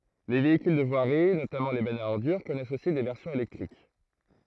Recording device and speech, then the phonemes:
throat microphone, read sentence
le veikyl də vwaʁi notamɑ̃ le bɛnz a ɔʁdyʁ kɔnɛst osi de vɛʁsjɔ̃z elɛktʁik

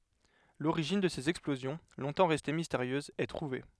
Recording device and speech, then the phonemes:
headset microphone, read sentence
loʁiʒin də sez ɛksplozjɔ̃ lɔ̃tɑ̃ ʁɛste misteʁjøzz ɛ tʁuve

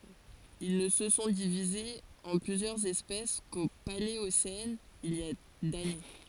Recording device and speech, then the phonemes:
forehead accelerometer, read sentence
il nə sə sɔ̃ divizez ɑ̃ plyzjœʁz ɛspɛs ko paleosɛn il i a dane

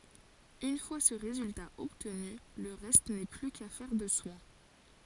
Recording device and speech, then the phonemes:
forehead accelerometer, read sentence
yn fwa sə ʁezylta ɔbtny lə ʁɛst nɛ ply kafɛʁ də swɛ̃

